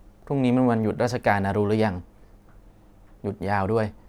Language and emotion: Thai, neutral